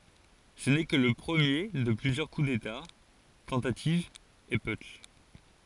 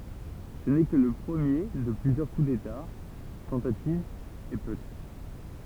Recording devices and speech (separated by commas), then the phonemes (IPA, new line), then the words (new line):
forehead accelerometer, temple vibration pickup, read sentence
sə nɛ kə lə pʁəmje də plyzjœʁ ku deta tɑ̃tativz e putʃ
Ce n'est que le premier de plusieurs coup d'État, tentatives et putschs.